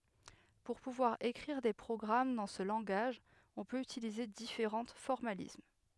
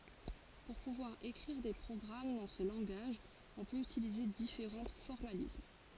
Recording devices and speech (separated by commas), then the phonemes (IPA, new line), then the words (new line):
headset microphone, forehead accelerometer, read sentence
puʁ puvwaʁ ekʁiʁ de pʁɔɡʁam dɑ̃ sə lɑ̃ɡaʒ ɔ̃ pøt ytilize difeʁɑ̃ fɔʁmalism
Pour pouvoir écrire des programmes dans ce langage on peut utiliser différents formalismes.